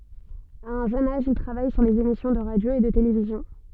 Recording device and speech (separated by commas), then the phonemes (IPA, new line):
soft in-ear microphone, read sentence
a œ̃ ʒøn aʒ il tʁavaj syʁ lez emisjɔ̃ də ʁadjo e də televizjɔ̃